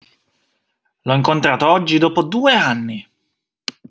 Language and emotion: Italian, angry